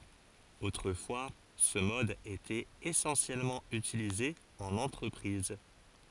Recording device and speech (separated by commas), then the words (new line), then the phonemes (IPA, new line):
forehead accelerometer, read sentence
Autrefois ce mode était essentiellement utilisé en entreprise.
otʁəfwa sə mɔd etɛt esɑ̃sjɛlmɑ̃ ytilize ɑ̃n ɑ̃tʁəpʁiz